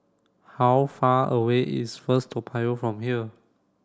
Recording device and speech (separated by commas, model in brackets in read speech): standing microphone (AKG C214), read sentence